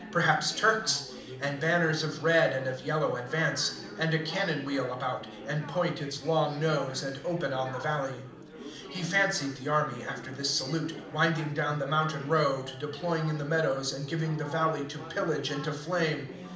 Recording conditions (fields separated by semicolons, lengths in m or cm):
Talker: one person; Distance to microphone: 2.0 m; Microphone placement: close; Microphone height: 99 cm; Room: medium-sized (5.7 m by 4.0 m); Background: babble